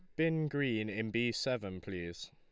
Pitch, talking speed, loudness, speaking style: 115 Hz, 170 wpm, -36 LUFS, Lombard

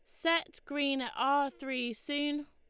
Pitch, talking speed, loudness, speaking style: 285 Hz, 155 wpm, -33 LUFS, Lombard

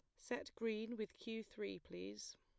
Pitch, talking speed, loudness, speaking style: 210 Hz, 165 wpm, -47 LUFS, plain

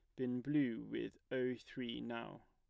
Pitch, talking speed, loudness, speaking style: 125 Hz, 155 wpm, -42 LUFS, plain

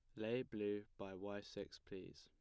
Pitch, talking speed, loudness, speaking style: 100 Hz, 180 wpm, -48 LUFS, plain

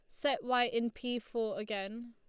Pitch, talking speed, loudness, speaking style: 235 Hz, 190 wpm, -35 LUFS, Lombard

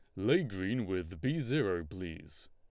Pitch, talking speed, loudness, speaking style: 95 Hz, 155 wpm, -34 LUFS, Lombard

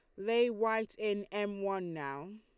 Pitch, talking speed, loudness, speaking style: 205 Hz, 165 wpm, -34 LUFS, Lombard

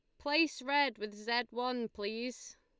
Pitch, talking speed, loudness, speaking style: 245 Hz, 150 wpm, -35 LUFS, Lombard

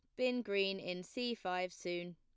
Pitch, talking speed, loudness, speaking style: 185 Hz, 185 wpm, -39 LUFS, plain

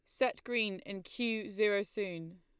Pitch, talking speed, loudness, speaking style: 205 Hz, 165 wpm, -35 LUFS, Lombard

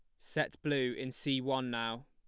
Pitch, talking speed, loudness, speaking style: 130 Hz, 195 wpm, -35 LUFS, plain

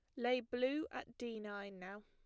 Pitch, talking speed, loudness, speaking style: 240 Hz, 195 wpm, -42 LUFS, plain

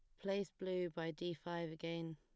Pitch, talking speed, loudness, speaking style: 170 Hz, 185 wpm, -44 LUFS, plain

